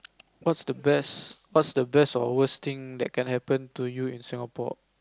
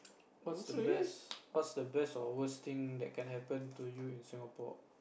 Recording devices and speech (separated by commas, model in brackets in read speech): close-talking microphone, boundary microphone, conversation in the same room